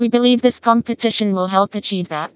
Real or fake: fake